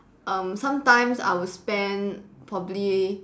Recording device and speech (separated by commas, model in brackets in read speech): standing microphone, conversation in separate rooms